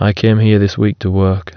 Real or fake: real